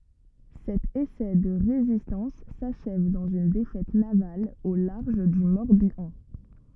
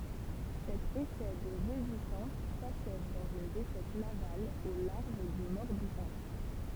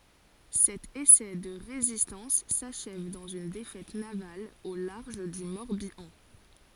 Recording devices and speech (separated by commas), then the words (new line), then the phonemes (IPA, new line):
rigid in-ear microphone, temple vibration pickup, forehead accelerometer, read sentence
Cet essai de résistance s’achève dans une défaite navale au large du Morbihan.
sɛt esɛ də ʁezistɑ̃s saʃɛv dɑ̃z yn defɛt naval o laʁʒ dy mɔʁbjɑ̃